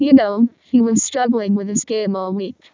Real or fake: fake